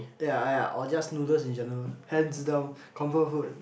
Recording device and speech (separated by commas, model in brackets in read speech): boundary microphone, conversation in the same room